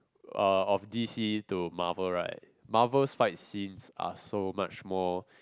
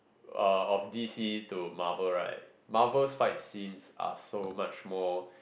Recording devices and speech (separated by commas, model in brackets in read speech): close-talking microphone, boundary microphone, conversation in the same room